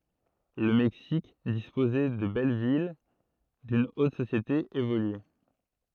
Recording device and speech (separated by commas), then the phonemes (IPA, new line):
throat microphone, read sentence
lə mɛksik dispozɛ də bɛl vil dyn ot sosjete evolye